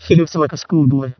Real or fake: fake